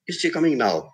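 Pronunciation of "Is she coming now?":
'Is she coming now?' is asked in a tone that shows no involvement, as if the speaker is not bothered about the answer.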